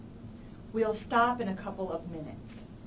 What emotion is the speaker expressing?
neutral